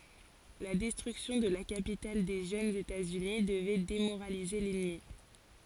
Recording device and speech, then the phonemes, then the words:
forehead accelerometer, read sentence
la dɛstʁyksjɔ̃ də la kapital de ʒønz etaz yni dəvɛ demoʁalize lɛnmi
La destruction de la capitale des jeunes États-Unis devait démoraliser l'ennemi.

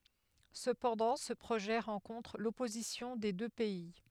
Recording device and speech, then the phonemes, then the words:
headset microphone, read sentence
səpɑ̃dɑ̃ sə pʁoʒɛ ʁɑ̃kɔ̃tʁ lɔpozisjɔ̃ de dø pɛi
Cependant, ce projet rencontre l'opposition des deux pays.

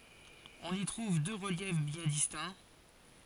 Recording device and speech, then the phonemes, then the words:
forehead accelerometer, read sentence
ɔ̃n i tʁuv dø ʁəljɛf bjɛ̃ distɛ̃
On y trouve deux reliefs bien distincts.

